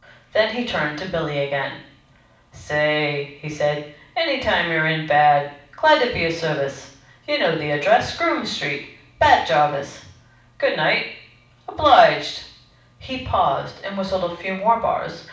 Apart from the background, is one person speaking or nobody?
One person.